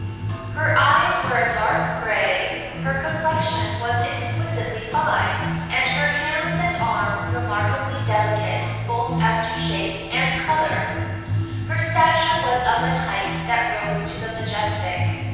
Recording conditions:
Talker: one person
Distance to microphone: 7.1 m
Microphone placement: far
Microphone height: 1.7 m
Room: very reverberant, large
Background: music

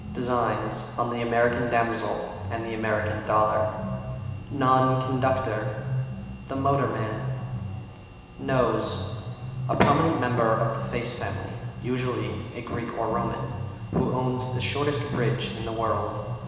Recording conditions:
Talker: one person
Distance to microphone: 1.7 m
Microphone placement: close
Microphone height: 1.0 m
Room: very reverberant, large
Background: music

